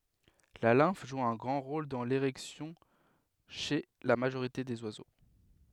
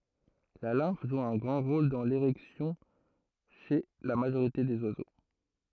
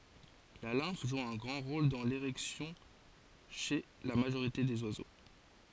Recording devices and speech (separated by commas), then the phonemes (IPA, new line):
headset microphone, throat microphone, forehead accelerometer, read sentence
la lɛ̃f ʒu œ̃ ɡʁɑ̃ ʁol dɑ̃ leʁɛksjɔ̃ ʃe la maʒoʁite dez wazo